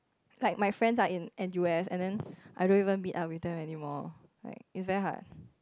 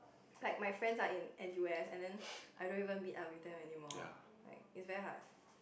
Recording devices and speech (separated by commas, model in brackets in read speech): close-talking microphone, boundary microphone, conversation in the same room